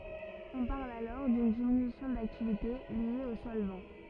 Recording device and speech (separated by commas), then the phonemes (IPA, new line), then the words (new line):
rigid in-ear microphone, read sentence
ɔ̃ paʁl alɔʁ dyn diminysjɔ̃ daktivite lje o sɔlvɑ̃
On parle alors d'une diminution d'activité liée au solvant.